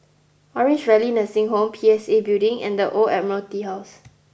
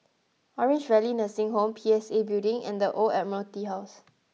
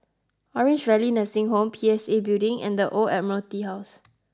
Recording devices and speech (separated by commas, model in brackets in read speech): boundary microphone (BM630), mobile phone (iPhone 6), close-talking microphone (WH20), read sentence